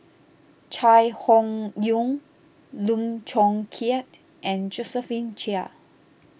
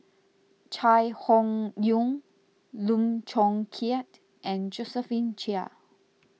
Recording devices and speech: boundary microphone (BM630), mobile phone (iPhone 6), read sentence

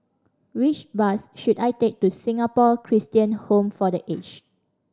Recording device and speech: standing microphone (AKG C214), read sentence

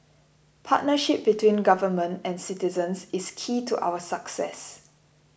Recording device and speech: boundary microphone (BM630), read sentence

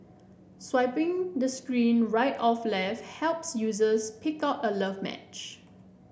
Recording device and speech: boundary microphone (BM630), read sentence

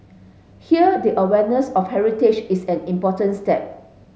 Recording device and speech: mobile phone (Samsung S8), read sentence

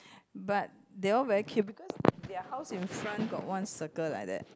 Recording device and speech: close-talking microphone, conversation in the same room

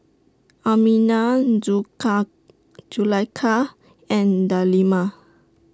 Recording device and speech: standing microphone (AKG C214), read sentence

